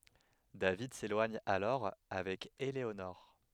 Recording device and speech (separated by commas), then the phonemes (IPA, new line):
headset microphone, read sentence
david selwaɲ alɔʁ avɛk eleonɔʁ